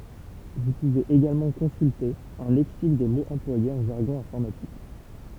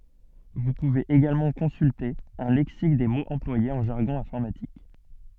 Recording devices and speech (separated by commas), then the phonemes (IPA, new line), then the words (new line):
temple vibration pickup, soft in-ear microphone, read sentence
vu puvez eɡalmɑ̃ kɔ̃sylte œ̃ lɛksik de moz ɑ̃plwajez ɑ̃ ʒaʁɡɔ̃ ɛ̃fɔʁmatik
Vous pouvez également consulter un lexique des mots employés en jargon informatique.